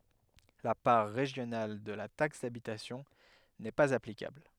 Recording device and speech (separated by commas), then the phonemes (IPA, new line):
headset microphone, read sentence
la paʁ ʁeʒjonal də la taks dabitasjɔ̃ nɛ paz aplikabl